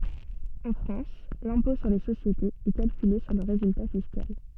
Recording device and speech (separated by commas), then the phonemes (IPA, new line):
soft in-ear microphone, read sentence
ɑ̃ fʁɑ̃s lɛ̃pɔ̃ syʁ le sosjetez ɛ kalkyle syʁ lə ʁezylta fiskal